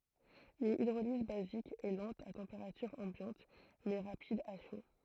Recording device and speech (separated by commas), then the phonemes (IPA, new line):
throat microphone, read sentence
yn idʁoliz bazik ɛ lɑ̃t a tɑ̃peʁatyʁ ɑ̃bjɑ̃t mɛ ʁapid a ʃo